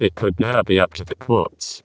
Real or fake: fake